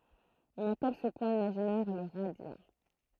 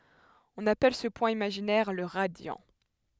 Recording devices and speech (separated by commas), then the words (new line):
throat microphone, headset microphone, read sentence
On appelle ce point imaginaire le radiant.